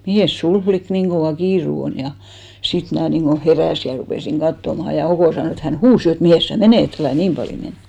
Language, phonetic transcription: Finnish, » 'mihès 'sul flik 'niiŋ ɢovà 'kiiru 'on « ja , 'sit mnää niiŋɢo 'herä̀si ja rupèsiŋ 'ɢattomaha ja 'Okò sanò et hän "huus 'jo et » 'mihès sä "menèt̳§ , 'älä̀ "niim paljo men ! «
- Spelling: mihinkäs sinulla likka niin kova kiire on ja sitten minä niin kuin heräsin ja rupesin katsomaan ja Oko sanoi että hän huusi jo että mihinkäs sinä menet älä niin paljon mene

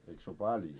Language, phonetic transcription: Finnish, eik sᵉ ‿o 'paljo ?
- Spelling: eikä se ole paljon

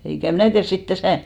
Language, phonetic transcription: Finnish, 'eikä , 'mnä̀ tiärs 'sit 'täsä̀ ,.
- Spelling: eikä minä tiedä sitten tässä

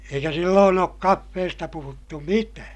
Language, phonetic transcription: Finnish, eikä silloon ‿ook kaffeesta puhuttu mitää .
- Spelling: eikä silloin ole kahvista puhuttu mitään

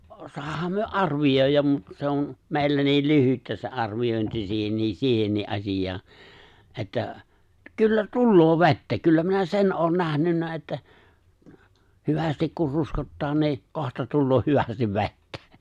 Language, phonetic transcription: Finnish, 'soahaam myö "’arvij̀òijjam 'mut , se on , 'mèillä niil 'lyhyttä se '’arvijòinti 'sihenniis 'siihennii '’asijaa , että , 'kyllä "tulloo "ve̬ttä , 'kyllä minä "sen '’oon 'nähnynnä että , 'hyvästik kur 'ruskottaa nì̬ , 'kohta tulloo 'hyvästiv "ve̬ttä .
- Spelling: saadaan me arvioida mutta se on meillä niin lyhyttä se arviointi siihenkin siihenkin asiaan että kyllä tulee vettä kyllä minä sen olen nähnyt että hyvästi kun ruskottaa niin kohta tulee hyvästi vettä

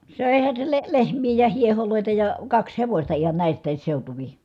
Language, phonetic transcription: Finnish, sö̀ehän̬ se le- , lehm̀ii ja hieholòi̮ta ja , kaks hevośta ihan nä̀ist̆tääs seutuvi .
- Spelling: söihän se - lehmiä ja hiehoja ja kaksi hevosta ihan näistäkin seutuvin

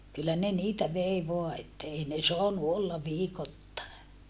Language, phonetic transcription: Finnish, kyllä ne niitä vei voa että ei ne soanu olla viikottàe .
- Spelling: kyllä ne niitä vei vain että ei ne saanut olla viikoittain

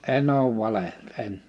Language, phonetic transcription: Finnish, 'en ‿oov 'valehel't ‿en .
- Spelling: en ole valehdellut en

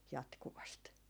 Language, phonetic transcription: Finnish, 'jatkuvast .
- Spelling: jatkuvasti

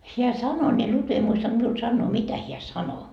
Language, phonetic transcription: Finnish, 'heä "sano ni 'Lutvi ei 'muistant miul 'sannoo "mitä hiä "sano .
- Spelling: hän sanoi niin Lutvi ei muistanut minulle sanoa mitä hän sanoi

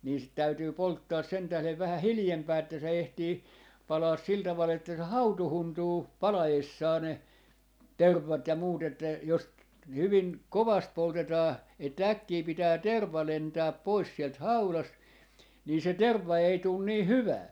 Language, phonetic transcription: Finnish, nii sit 'täytyy "polttaas sen tählev vähä "hilⁱjempää että se 'ehtii , 'palaas sil taval että se "hautuhuntuu , 'pala₍essaa ne , "tervvat ja muut ‿että , jos , 'hyvin , "kovast 'poltetaa , että "äkkii 'pitää "terv̆va 'lentääp "pois sielt "haulast , nii se "tervva ei tuun 'nii "hyvää .
- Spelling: niin sitä täytyy polttaa sen tähden vähän hiljempaa että se ehtii palaa sillä tavalla että se hautuuntuu palaessaan ne tervat ja muut että jos hyvin kovasti poltetaan että äkkiä pitää terva lentää pois sieltä haudasta niin se terva ei tule niin hyvää

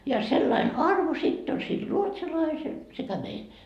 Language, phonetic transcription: Finnish, ja sellain "arvo sitt ‿on sil "ruotsalaisel sekä "meil .
- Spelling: ja sellainen arvo sitten on sillä ruotsalaisella sekä meillä

